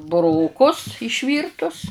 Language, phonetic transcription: Lithuanian, buˈrokus išˈvyrtus

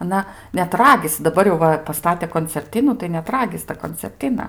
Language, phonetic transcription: Lithuanian, aˈna net ˈragisi daˈbar jau ˈva paˈstatė koncerˈtinų tai net ˈragis ta koncerˈtina

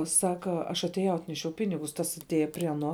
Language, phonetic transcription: Lithuanian, ˈsaka aš atėˈjau ˈatnešiau ˈpinigus ˈtas atˈėja prie aˈno

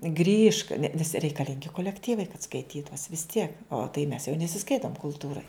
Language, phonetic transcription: Lithuanian, grįžk ne nes reikaˈlingi kolekˈtyvai kad skaiˈtytus vis ˈtiek o tai mes jau nesiˈskaitom kulˈtūrai

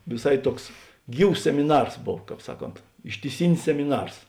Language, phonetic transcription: Lithuanian, viˈsai ˈtuoks ˈgyvs semiˈnars ˈbov ˈkāp ˈsaˌkont ištiˈsinis semiˈnars

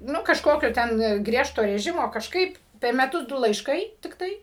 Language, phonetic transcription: Lithuanian, ˈnu kažˈkokio ten ˈgriežto reˈžimo kažˈkaip per meˈtus ˈdu laišˈkai tikˈtai

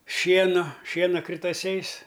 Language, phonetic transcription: Lithuanian, ˈšienu ˈšiena kritaˈsiais

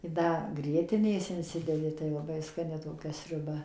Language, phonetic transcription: Lithuanian, i ˈda ˈgrietinės inˈsidedi tai laˈbai skaˈni toˈkia sriuˈba

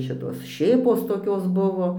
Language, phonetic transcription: Lithuanian, ˈšitos ˈšėpos toˈkios ˈbuvo

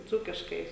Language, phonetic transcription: Lithuanian, ˈdzūkiškai

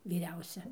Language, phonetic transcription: Lithuanian, vyˈriausia

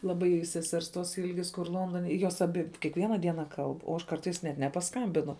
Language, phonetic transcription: Lithuanian, laˈbai seˈsers tos ˈilgis kur ˈlondone jos aˈbi kiekˈviena ˈdiena ˈkalb o ˈaš ˈkartais net nepaˈskambinu

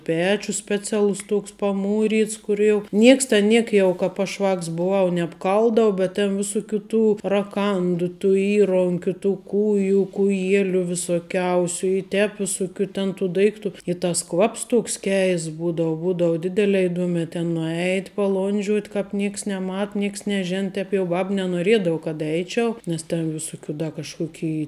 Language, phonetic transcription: Lithuanian, ˈpečius speˈcialus ˈtuoks paˈmūryts kur jau ˈnieks ten ˈniek jau ˈkāp aš ˈvāks buˈvau nebˈkaldavu bet ˈtėn viˈsuˌkių tų raˈkandu tu ˈįronkiu ˈtų ˈkūju kūˈjieliu visoˈkiausiu i ˈtep viˈsukių ten tu ˈdaiktu i ˈtas ˈkvaps ˈtuoks ˈkeists ˈbūdavu ˈbūdavu ˈdidelē iˈduomē ten nuˈeit' paˈlondžiuot' ˈkāp ˈnieks neˈmat ˈnieks neˈžen ˈtēp jau ˈbab nenuoˈriedavu kad ˈeičiau nes ten visuˈkių ˈda kažkuˈkei

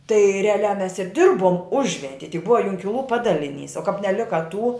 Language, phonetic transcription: Lithuanian, tai reaˈliā mes ir ˈdirbom ˈužventie tik ˈbuva ˈjunkilų ˈpadaliˌnys o kap neˈlika tų

